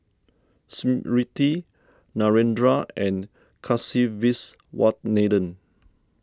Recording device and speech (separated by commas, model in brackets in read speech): standing microphone (AKG C214), read sentence